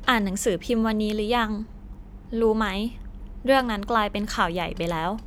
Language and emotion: Thai, neutral